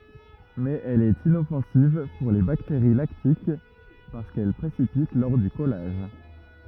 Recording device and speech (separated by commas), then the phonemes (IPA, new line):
rigid in-ear microphone, read sentence
mɛz ɛl ɛt inɔfɑ̃siv puʁ le bakteʁi laktik paʁskɛl pʁesipit lɔʁ dy kɔlaʒ